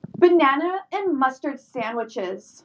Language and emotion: English, angry